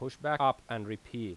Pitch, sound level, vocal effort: 120 Hz, 90 dB SPL, loud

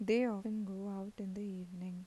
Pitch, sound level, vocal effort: 200 Hz, 81 dB SPL, soft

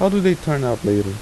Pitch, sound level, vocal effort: 135 Hz, 84 dB SPL, soft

